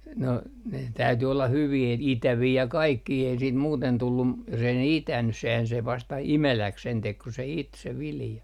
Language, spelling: Finnish, no ne täytyi olla hyviä että itäviä ja kaikkia ei siitä muuten tullut - jos ei ne itänyt sehän se vasta imeläksi sen teki kun se iti se vilja
- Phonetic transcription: no , ne 'täyty olla 'hyvii et , 'itävii ja "kaikkii ei siit muuten 'tullum m- , jos ‿ei ne "itäny , sehän se vasta "imeläk sen 'tek ku se "it se 'vilja .

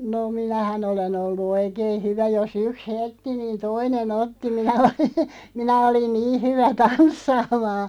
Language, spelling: Finnish, no minähän olen ollut oikein hyvä jos yksi hellitti niin toinen otti minä olin minä olin niin hyvä tanssimaan
- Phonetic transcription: no "minähä'n ‿ole'n ‿ollu "oikeen̬ 'hyvä jos 'yks "heltti 'niin "toine'n ‿otti minä oli , 'minä 'olin "nii 'hyvä "tanssaamaa ,.

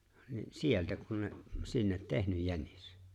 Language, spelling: Finnish, niin sieltä kun ne sinne tehnyt jänis
- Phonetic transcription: ni , "sieltä kun̬ ne , 'sinnet "tehnyj "jänis .

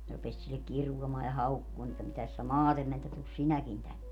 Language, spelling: Finnish, ne rupesi sille kiroamaan ja haukkumaan että mitäs sinä maate menet että tule sinäkin tänne
- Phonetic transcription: ne rupes sillek̆ 'kiruamaa ja 'haukkumaan ‿että » 'mitäs sä "maatem met [et]tä 'tus "sinäkin 'tänne !

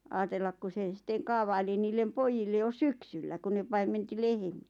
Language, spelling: Finnish, ajatella kun se sitten kaavaili niille pojille jo syksyllä kun ne paimensi lehmiä
- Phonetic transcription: 'aatellak ku 'se 'sitteᵑ "kaavaili niillem 'poijille jo "syksyllä ku ne 'paim̆menti "lehᵉᴍɪ₍ᴀ̈ .

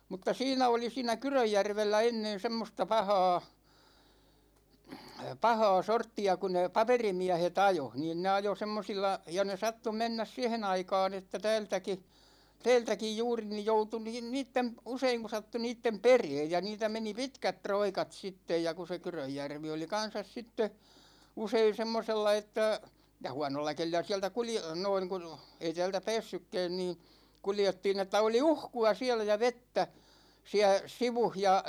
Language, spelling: Finnish, mutta siinä oli siinä Kyrönjärvellä ennen semmoista pahaa pahaa sorttia kun ne paperimiehet ajoi niin ne ajoi semmoisilla ja ne sattui mennä siihen aikaan että täältäkin täältäkin juuri niin joutui niin niiden - usein kun sattui niiden perään ja niitä meni pitkät roikat sitten ja kun se Kyrönjärvi oli kanssa sitten usein semmoisella että ja huonolla kelillä sieltä - noin kun ei täältä päässytkään niin kuljettiin että oli uhkua siellä ja vettä siellä sivussa ja
- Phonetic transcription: mutta "siinä oli 'siinä "Kyröjjärvellä ennen 'semmosta "pahaa , 'pahaa 'sortti₍a ku ne 'paperimiähe"t ‿ajo , 'niin ne ajo 'semmosilla , ja ne 'sattu 'mennäs "siɛhe'n ‿aikaan ‿että 'täältäki , 'tɛɛltäkij juuri nij 'joutu niin 'niittem p̆- , 'useiŋ ku sattu 'niittem "pereej ja 'niitä meni "pitkät "troikat 'sittej ja ku se 'Kyröjjärvi oli kan̬sas sitte , 'usein̬ 'semmosella että , ja "huanolla kelil̆lä 'siältä kulje- , 'noiŋ ku , ei tä̭ä̭ltä pä̭ä̭ssykkä̭ä̭n nii , 'kuljettiin ‿että oli "uhku₍a siälä ja "vettä , 'siä , "sivuh ja ,.

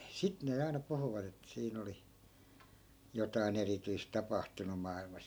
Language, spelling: Finnish, sitten ne aina puhuvat että siinä oli jotakin erityistä tapahtunut maailmassa
- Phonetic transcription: 'sit ne aina 'puhuvat ‿ettᵃ̈ 'siin ‿oli 'jotai̮"n ‿erityis 'tapahtunu mà₍ilmas .

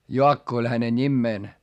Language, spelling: Finnish, Jaakko oli hänen nimensä
- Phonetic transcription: Joakko oĺ häne ńimmeen .

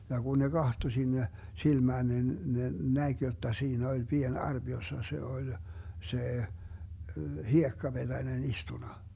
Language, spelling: Finnish, ja kun ne katsoi sinne silmään niin ne näki jotta siinä oli pieni arpi jossa se oli se hiekkapetänen istunut
- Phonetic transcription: ja Gun ne "Gahto 'sinne , 'silmään nin ne , 'näG jotta 'siinä oĺ 'pien "arB 'jossa se 'oĺ , 'se , "hiekkaBeDänen istuna .

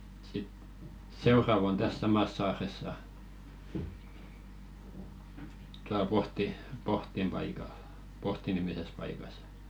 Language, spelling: Finnish, ja sitten seuraava on tässä samassa saaressa tuolla - Pohdin paikalla Pohti nimisessä paikassa
- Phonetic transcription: ja sit , "seurav ‿on täs 'samas 'saaressa , tual 'Pohti- "Pohtim 'paikal , 'Pohti nimises paikas .

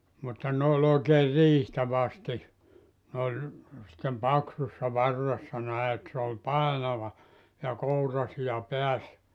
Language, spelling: Finnish, mutta ne on oikein riihtä vasti ne oli sitten paksussa varressa näin että se oli painava ja kouransija päässä
- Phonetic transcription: mutta 'n ‿ooĺ oikeer "riihtä 'vasti , ne oĺ , sⁱttem 'paksussa 'varressa näe et se ol "pàenava , ja 'kourasija 'peäs .

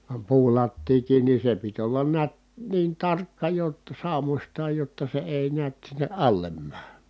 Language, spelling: Finnish, vaan puulattiakin niin se piti olla näet niin tarkka jotta saumoistaan jotta se ei näet sinne alle mene
- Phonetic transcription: vam puulattiikiin ni se pit ollan niät , niin tarkka jotta sàumośtaaj jotta se èi niät sinne ʼallem mää .

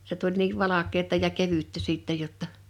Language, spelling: Finnish, se tuli niin valkeata ja kevyttä sitten jotta
- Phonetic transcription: se tuĺ niiv "valak̆keeta ja 'kevyttä 'sìttɛj jotta ,.

